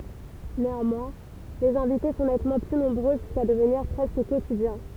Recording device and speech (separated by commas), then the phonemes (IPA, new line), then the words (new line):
temple vibration pickup, read sentence
neɑ̃mwɛ̃ lez ɛ̃vite sɔ̃ nɛtmɑ̃ ply nɔ̃bʁø ʒyska dəvniʁ pʁɛskə kotidjɛ̃
Néanmoins, les invités sont nettement plus nombreux, jusqu'à devenir presque quotidiens.